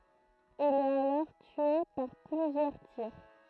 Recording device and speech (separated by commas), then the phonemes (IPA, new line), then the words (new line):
throat microphone, read sentence
il ɛt alɔʁ tye paʁ plyzjœʁ tiʁ
Il est alors tué par plusieurs tirs.